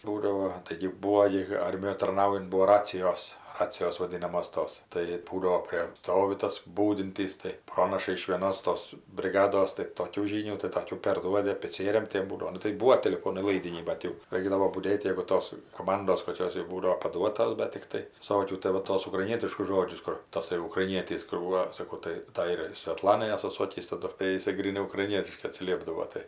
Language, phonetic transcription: Lithuanian, ˈbūdavo taigi ˈbūo gi kai ˈarmijoj tarˈnaujunt ˈbuo ˈracijos ˈracijos vaˈdynamos ˈtos tai ˈbūdavo ˈprė ˈstovi tas ˈbūdintys tai ˈpronaša iš vėˈnos ˈtos briˈgados tai toˈkių ˈžynių tai toˈkių perˈduodi apiˈcieriam ˈtiem ˈbūdao ˈnu tai ˈbūo teliˈfonai ˈlaidiniai ˈbat jau ˈraikdavo buˈdėt' ˈjėgu ˈtos koˈmandos koˈkios jau ˈbūdavo paˈduotos ˈbet tikˈtai viˈsokių tai ˈva ˈtos ukraiˈnietiškus ˈžodžius ˈkur taˈsai ukraiˈnietys kur ˈbūo saˈkau tai ˈtai ir svetˈlanai ˈasu ˈsokįs taˈdu tai jiˈsai gryˈnai ukraiˈnietiškai atsiˈliepdavo ˈtai

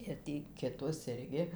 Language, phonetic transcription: Lithuanian, ir ˈtį kiˈtos ˈirgi

